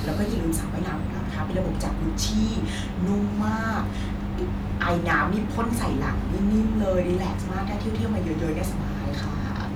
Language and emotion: Thai, happy